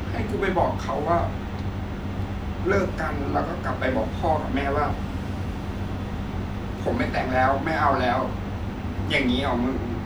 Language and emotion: Thai, sad